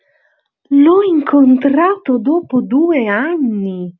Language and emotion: Italian, surprised